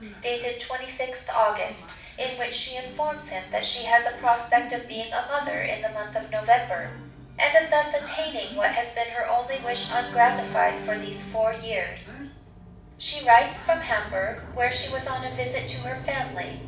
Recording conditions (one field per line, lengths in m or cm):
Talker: one person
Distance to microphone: 5.8 m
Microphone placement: far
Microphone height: 1.8 m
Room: medium-sized (5.7 m by 4.0 m)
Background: television